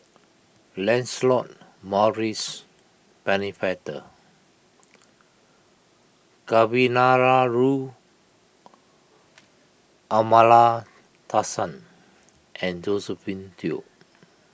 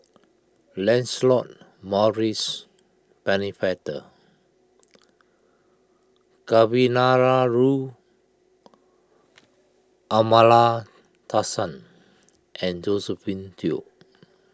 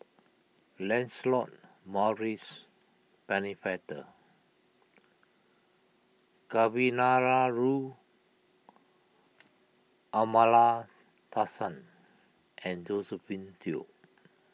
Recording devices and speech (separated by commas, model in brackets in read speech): boundary microphone (BM630), close-talking microphone (WH20), mobile phone (iPhone 6), read sentence